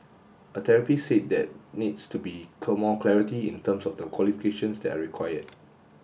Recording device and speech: boundary microphone (BM630), read sentence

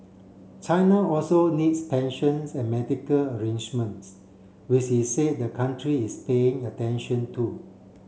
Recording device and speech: mobile phone (Samsung C7), read sentence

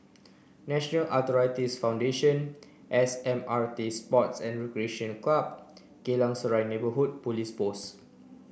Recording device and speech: boundary microphone (BM630), read sentence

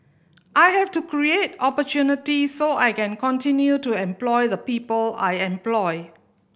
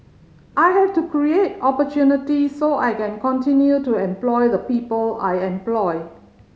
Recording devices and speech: boundary microphone (BM630), mobile phone (Samsung C5010), read sentence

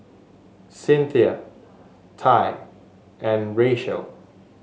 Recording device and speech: mobile phone (Samsung S8), read sentence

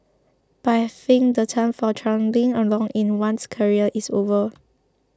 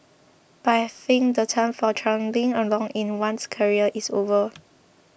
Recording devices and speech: close-talking microphone (WH20), boundary microphone (BM630), read sentence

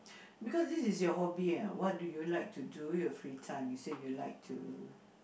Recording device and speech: boundary microphone, conversation in the same room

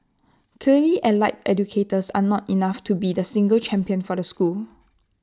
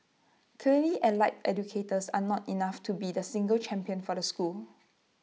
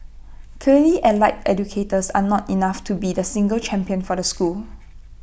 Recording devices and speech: standing microphone (AKG C214), mobile phone (iPhone 6), boundary microphone (BM630), read sentence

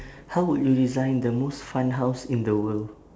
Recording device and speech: standing microphone, conversation in separate rooms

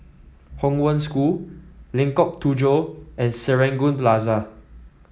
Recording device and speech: mobile phone (iPhone 7), read sentence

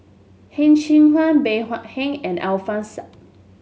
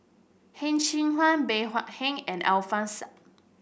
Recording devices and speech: mobile phone (Samsung S8), boundary microphone (BM630), read sentence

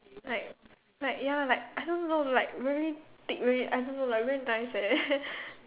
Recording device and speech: telephone, conversation in separate rooms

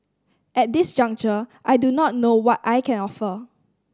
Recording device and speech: standing microphone (AKG C214), read sentence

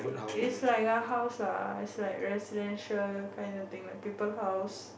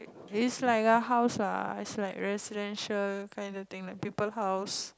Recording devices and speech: boundary microphone, close-talking microphone, conversation in the same room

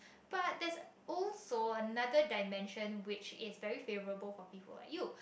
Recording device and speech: boundary microphone, conversation in the same room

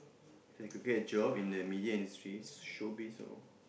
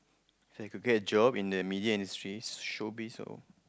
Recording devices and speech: boundary microphone, close-talking microphone, conversation in the same room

